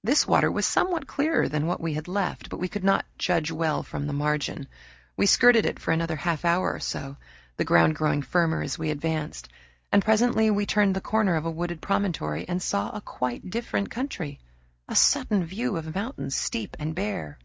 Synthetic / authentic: authentic